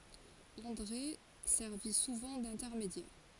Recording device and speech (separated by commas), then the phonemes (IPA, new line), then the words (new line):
forehead accelerometer, read sentence
ɑ̃dʁe sɛʁvi suvɑ̃ dɛ̃tɛʁmedjɛʁ
André servit souvent d’intermédiaire.